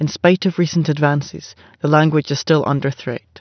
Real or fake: real